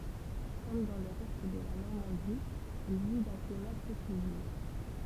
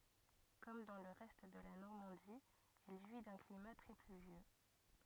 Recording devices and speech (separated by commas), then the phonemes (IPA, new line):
temple vibration pickup, rigid in-ear microphone, read sentence
kɔm dɑ̃ lə ʁɛst də la nɔʁmɑ̃di ɛl ʒwi dœ̃ klima tʁɛ plyvjø